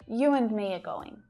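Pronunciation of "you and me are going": In 'you and me are going', 'and' is unstressed.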